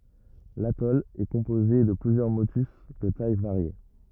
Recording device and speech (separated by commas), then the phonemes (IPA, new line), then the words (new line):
rigid in-ear microphone, read sentence
latɔl ɛ kɔ̃poze də plyzjœʁ motys də taj vaʁje
L’atoll est composé de plusieurs motus de tailles variées.